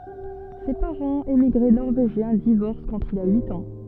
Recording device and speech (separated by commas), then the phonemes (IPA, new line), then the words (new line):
soft in-ear microphone, read sentence
se paʁɑ̃z emiɡʁe nɔʁveʒjɛ̃ divɔʁs kɑ̃t il a yit ɑ̃
Ses parents, émigrés norvégiens, divorcent quand il a huit ans.